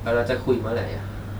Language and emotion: Thai, frustrated